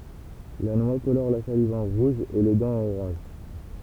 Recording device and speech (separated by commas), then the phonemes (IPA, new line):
temple vibration pickup, read sentence
la nwa kolɔʁ la saliv ɑ̃ ʁuʒ e le dɑ̃z ɑ̃n oʁɑ̃ʒ